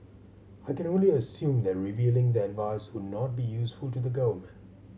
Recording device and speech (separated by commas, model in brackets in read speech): mobile phone (Samsung C7100), read sentence